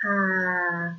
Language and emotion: Thai, neutral